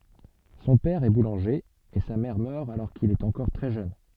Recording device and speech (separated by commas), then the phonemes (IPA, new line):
soft in-ear microphone, read sentence
sɔ̃ pɛʁ ɛ bulɑ̃ʒe e sa mɛʁ mœʁ alɔʁ kil ɛt ɑ̃kɔʁ tʁɛ ʒøn